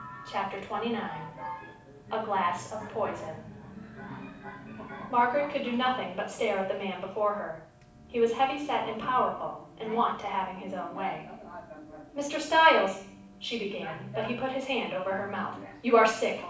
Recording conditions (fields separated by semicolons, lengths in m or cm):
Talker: one person; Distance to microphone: 5.8 m; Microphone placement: far; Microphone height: 1.8 m; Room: medium-sized (5.7 m by 4.0 m); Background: television